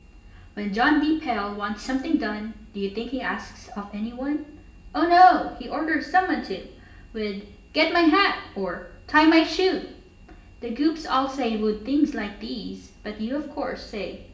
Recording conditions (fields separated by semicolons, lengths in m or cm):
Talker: one person; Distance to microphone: 1.8 m; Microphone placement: close; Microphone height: 1.0 m; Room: large; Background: none